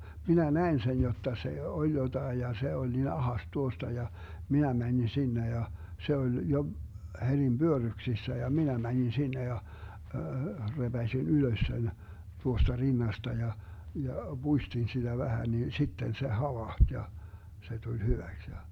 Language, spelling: Finnish, minä näin sen jotta se oli jotakin ja se oli niin ahdas tuosta ja minä menin sinne ja se oli jo herin pyörryksissä ja minä menin sinne ja repäisin ylös sen tuosta rinnasta ja ja puistin sitä vähän niin sitten se havahti ja se tuli hyväksi ja
- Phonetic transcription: 'minä "näen 'sen jotta se "oĺ 'jotaij ja 'se oĺ nin "ahas 'tuosta ja , "minä 'mäńin 'sinne ja , 'se 'oĺ 'jo , 'heŕim "Byörryksissä ja "minä 'mäńin 'sinne ja , 'reBäśin "ylös sen , 'tuosta "rinnasta ja , ja 'Buistin siDä 'vähä ni , 'sitten se "havaaht ja , 'se tuĺ 'hyväks ja ,.

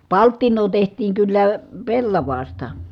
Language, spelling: Finnish, palttinaa tehtiin kyllä pellavasta
- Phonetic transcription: palttin̆noo teht̀iiŋ kyllä , pellavaasta .

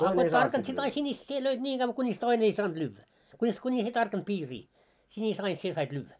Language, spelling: Finnish, a kun et tarkannut sitten ai sinis sinä löit niin kauan kunis toinen ei saanut lyödä kunis kunis ei tarkannut piiriä siinä aina sinä sait lyödä
- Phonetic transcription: a ko et 'tarkant sit ai 'sińis sie löit ńiiŋ ɢavva 'kuńis 'toin ‿ei saant lyyvvä , 'kuńis kuńis ‿ei 'tarkant 'piirii , 'sińis ‿ain 'sie 'sait 'lyyvvä .

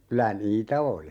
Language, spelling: Finnish, kyllä niitä oli
- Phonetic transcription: 'kylä "niitä 'oli .

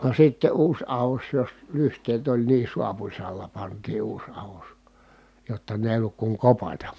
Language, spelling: Finnish, ka sitten uusi ahdos jos lyhteet oli niin saapusalla pantiin uusi ahdos jotta ne ei ollut kuin kopata
- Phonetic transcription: ka sitte uus ahos jos lyhteet oĺ niin̬ suapusalla pantii uus ahos , jotta ne èi̮ olluk kuŋ kopata .

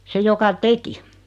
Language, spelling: Finnish, se joka teki
- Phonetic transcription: 'se joka "teki .

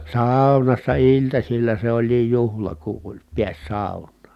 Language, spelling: Finnish, saunassa iltasilla se olikin juhla kun oli pääsi saunaan
- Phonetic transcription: sàu̬nassa iltasilla se oĺliij juhla ku ʼoĺ piäs sàu̬ǹaan̬. .

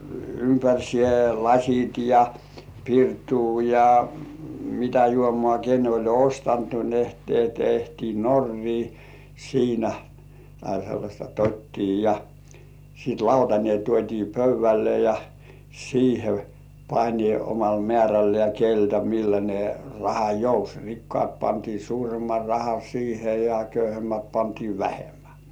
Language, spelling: Finnish, ympäriinsä lasit ja pirtua ja mitä juomaa ken oli ostanut ne - tehtiin norria siinä tai sellaista totia ja sitten lautanen tuotiin pöydälle ja siihen pani omalla määrällään keneltä millainen raha jouti rikkaat pantiin suuremman rahan siihen ja köyhemmät pantiin vähemmän
- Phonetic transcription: ympäŕsĭè "laśit ja , "pirtuu ja , 'mitä juomŏà ken ‿oĺ "ostantu ne te- tehtii "noŕrii , siinᴀ̈ , tahe sellaśta "tot́tii ja , sit 'lautańe tuot́ii "pöyv̆välle jᴀ , "siihᴇ , pań 'omal "mĕärällĕä̀ keltä milläńe 'raha "jous , 'rikkŏàt pantii "suuremmar raha 'sihe ja 'köyhemmät pantii "vähemmä .

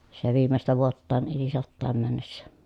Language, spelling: Finnish, se viimeistä vuottaan eli sataa mennessä
- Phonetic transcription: se viimestä vuottaan eli sattaam männessä .

